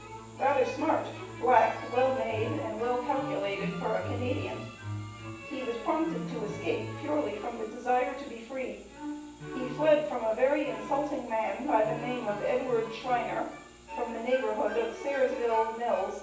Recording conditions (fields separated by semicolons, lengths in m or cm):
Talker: one person; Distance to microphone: 9.8 m; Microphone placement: far; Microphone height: 1.8 m; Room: large; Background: music